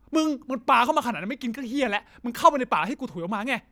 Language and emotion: Thai, angry